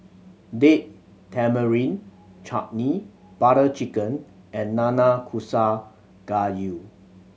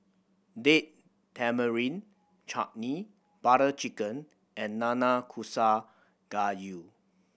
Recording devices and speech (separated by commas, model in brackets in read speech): mobile phone (Samsung C7100), boundary microphone (BM630), read sentence